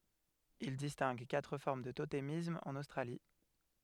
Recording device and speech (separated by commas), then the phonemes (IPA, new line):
headset microphone, read sentence
il distɛ̃ɡ katʁ fɔʁm dy totemism ɑ̃n ostʁali